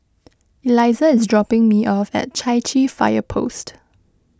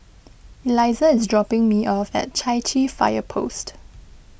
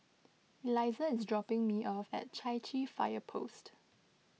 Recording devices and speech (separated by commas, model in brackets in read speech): close-talking microphone (WH20), boundary microphone (BM630), mobile phone (iPhone 6), read sentence